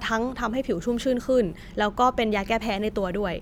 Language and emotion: Thai, neutral